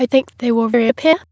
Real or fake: fake